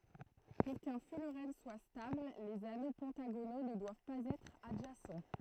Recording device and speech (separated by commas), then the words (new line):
throat microphone, read sentence
Pour qu'un fullerène soit stable, les anneaux pentagonaux ne doivent pas être adjacents.